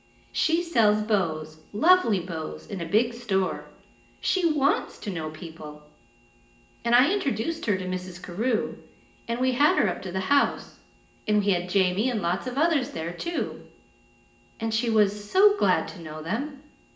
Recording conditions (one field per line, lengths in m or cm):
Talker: one person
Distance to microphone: 1.8 m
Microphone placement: close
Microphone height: 1.0 m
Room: large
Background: none